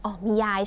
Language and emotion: Thai, neutral